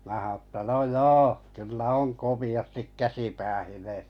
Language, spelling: Finnish, minä sanoin että no joo kyllä on komeasti käsi päähineessä
- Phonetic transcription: mä ha₍on̬ että » no "joo , kyllä on 'komi₍astik 'käsi 'päähinᴇᴇ(sᴀ̈) .

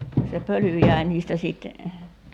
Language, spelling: Finnish, se pöly jäi niistä sitten
- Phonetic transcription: se 'pöly jäi̬ niistä 'sìt ,.

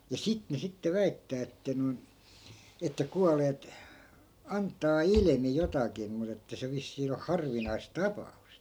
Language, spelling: Finnish, ja sitä ne sitten väittää että noin että kuolleet antaa ilmi jotakin mutta että se vissiin on harvinaista tapausta
- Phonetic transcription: ja "sit ne sitte 'väittää että noi̮n , että 'kualeet , 'anttaa "ilmi 'jotakim mut ‿että se 'vissii o 'harvinais "tapa₍ust .

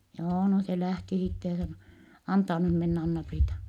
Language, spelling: Finnish, joo no se lähti sitten ja sanoi antaa nyt mennä Anna-Priita
- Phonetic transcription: joo , no se lähti sitte ja sano , » antaa nym menn ‿Anna-Priita . »

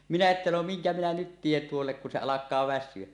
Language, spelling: Finnish, minä että no minkä minä nyt teen tuolle kun se alkaa väsyä
- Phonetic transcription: 'minä 'että no "miŋkä minä 'nyt tien 'tuollek kun se "alak̆kaa "väs̆syö .

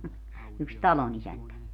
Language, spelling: Finnish, yksi talonisäntä
- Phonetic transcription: yks "talonisäntä .

